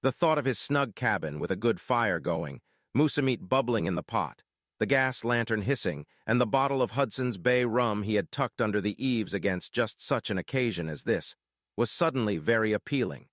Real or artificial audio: artificial